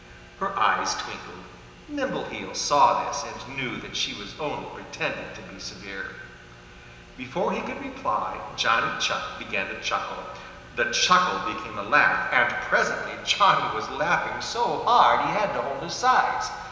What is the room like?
A big, very reverberant room.